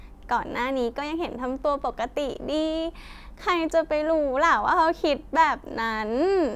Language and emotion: Thai, happy